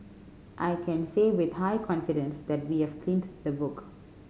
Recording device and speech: mobile phone (Samsung C5010), read sentence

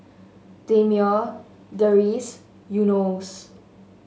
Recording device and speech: mobile phone (Samsung S8), read sentence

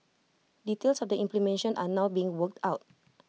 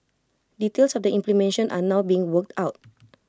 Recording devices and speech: mobile phone (iPhone 6), close-talking microphone (WH20), read sentence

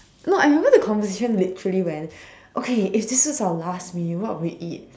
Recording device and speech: standing microphone, conversation in separate rooms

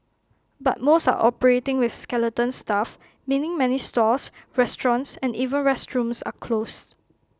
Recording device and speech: close-talking microphone (WH20), read sentence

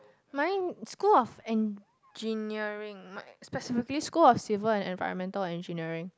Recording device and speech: close-talking microphone, conversation in the same room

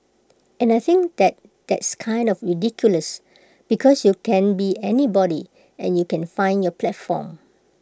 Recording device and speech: close-talking microphone (WH20), read sentence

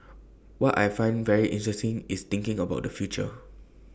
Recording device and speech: boundary microphone (BM630), read sentence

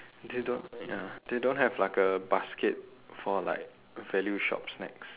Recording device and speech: telephone, conversation in separate rooms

